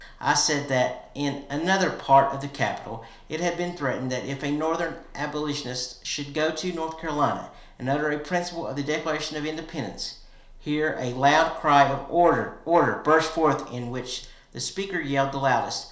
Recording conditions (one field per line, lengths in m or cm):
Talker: one person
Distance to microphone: 1.0 m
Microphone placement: close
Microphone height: 1.1 m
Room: small (3.7 m by 2.7 m)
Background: none